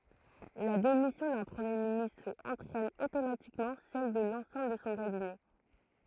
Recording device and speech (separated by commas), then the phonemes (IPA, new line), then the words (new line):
throat microphone, read sentence
la demisjɔ̃ dœ̃ pʁəmje ministʁ ɑ̃tʁɛn otomatikmɑ̃ sɛl də lɑ̃sɑ̃bl də sɔ̃ kabinɛ
La démission d'un Premier ministre entraîne automatiquement celle de l'ensemble de son Cabinet.